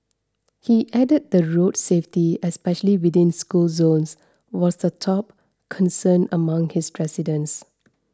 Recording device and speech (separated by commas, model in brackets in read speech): standing microphone (AKG C214), read sentence